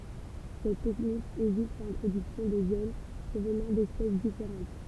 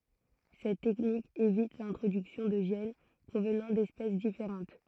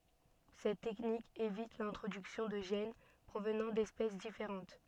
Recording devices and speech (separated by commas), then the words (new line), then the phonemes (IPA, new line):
temple vibration pickup, throat microphone, soft in-ear microphone, read sentence
Cette technique évite l'introduction de gènes provenant d'espèces différentes.
sɛt tɛknik evit lɛ̃tʁodyksjɔ̃ də ʒɛn pʁovnɑ̃ dɛspɛs difeʁɑ̃t